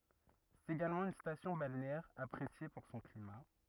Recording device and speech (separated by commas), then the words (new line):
rigid in-ear microphone, read sentence
C'est également une station balnéaire appréciée pour son climat.